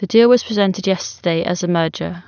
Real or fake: real